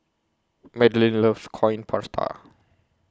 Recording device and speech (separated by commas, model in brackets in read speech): close-talking microphone (WH20), read sentence